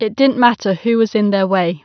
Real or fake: real